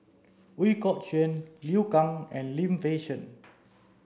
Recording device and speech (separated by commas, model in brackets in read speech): standing microphone (AKG C214), read sentence